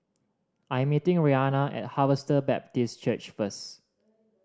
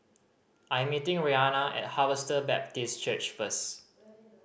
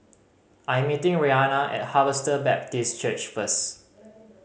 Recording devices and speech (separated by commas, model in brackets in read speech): standing microphone (AKG C214), boundary microphone (BM630), mobile phone (Samsung C5010), read sentence